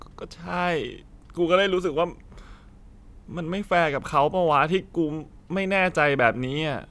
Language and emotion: Thai, sad